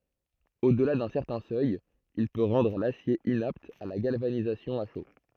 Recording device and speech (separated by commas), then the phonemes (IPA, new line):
throat microphone, read sentence
odəla dœ̃ sɛʁtɛ̃ sœj il pø ʁɑ̃dʁ lasje inapt a la ɡalvanizasjɔ̃ a ʃo